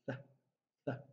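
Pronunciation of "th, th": The voiceless dental fricative th sound is said twice. It is voiceless, with a frictional noise.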